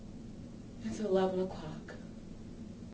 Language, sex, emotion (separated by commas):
English, female, sad